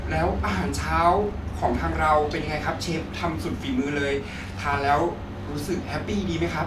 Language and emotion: Thai, frustrated